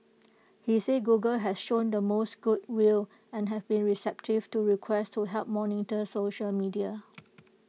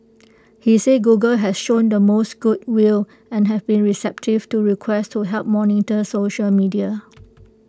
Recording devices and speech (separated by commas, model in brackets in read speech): mobile phone (iPhone 6), close-talking microphone (WH20), read sentence